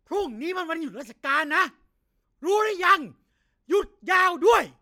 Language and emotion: Thai, angry